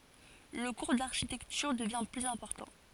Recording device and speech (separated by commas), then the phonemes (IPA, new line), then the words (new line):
forehead accelerometer, read sentence
lə kuʁ daʁʃitɛktyʁ dəvjɛ̃ plyz ɛ̃pɔʁtɑ̃
Le cours d'architecture devient plus important.